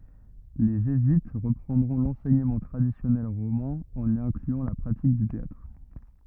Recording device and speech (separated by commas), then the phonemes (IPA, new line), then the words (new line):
rigid in-ear microphone, read sentence
le ʒezyit ʁəpʁɑ̃dʁɔ̃ lɑ̃sɛɲəmɑ̃ tʁadisjɔnɛl ʁomɛ̃ ɑ̃n i ɛ̃klyɑ̃ la pʁatik dy teatʁ
Les jésuites reprendront l'enseignement traditionnel romain, en y incluant la pratique du théâtre.